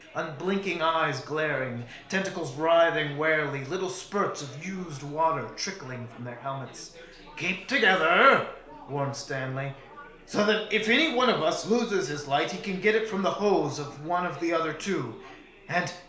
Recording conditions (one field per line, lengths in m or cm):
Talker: one person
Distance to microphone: 1.0 m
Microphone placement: close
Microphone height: 1.1 m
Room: small (3.7 m by 2.7 m)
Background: babble